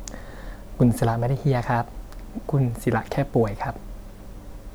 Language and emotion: Thai, neutral